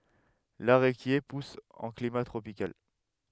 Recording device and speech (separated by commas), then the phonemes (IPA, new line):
headset microphone, read sentence
laʁekje pus ɑ̃ klima tʁopikal